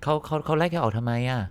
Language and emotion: Thai, frustrated